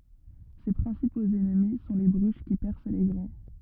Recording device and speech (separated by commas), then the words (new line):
rigid in-ear microphone, read sentence
Ses principaux ennemis sont les bruches qui percent les grains.